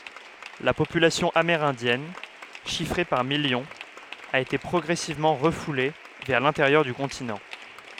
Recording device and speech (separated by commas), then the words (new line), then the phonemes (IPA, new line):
headset microphone, read sentence
La population amérindienne, chiffrée par millions, a été progressivement refoulée vers l'intérieur du continent.
la popylasjɔ̃ ameʁɛ̃djɛn ʃifʁe paʁ miljɔ̃z a ete pʁɔɡʁɛsivmɑ̃ ʁəfule vɛʁ lɛ̃teʁjœʁ dy kɔ̃tinɑ̃